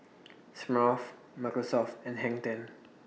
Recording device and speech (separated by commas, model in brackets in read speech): mobile phone (iPhone 6), read sentence